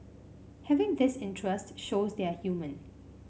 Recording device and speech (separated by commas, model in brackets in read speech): mobile phone (Samsung C5), read sentence